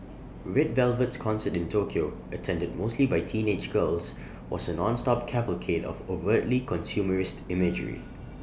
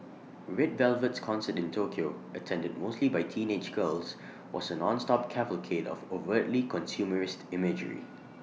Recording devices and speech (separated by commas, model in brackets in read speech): boundary microphone (BM630), mobile phone (iPhone 6), read sentence